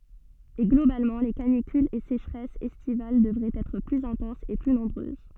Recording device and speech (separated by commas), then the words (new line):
soft in-ear microphone, read sentence
Et globalement les canicules et sécheresses estivales devraient être plus intenses et plus nombreuses.